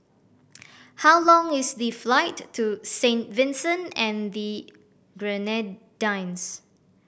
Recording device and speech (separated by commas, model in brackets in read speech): boundary microphone (BM630), read sentence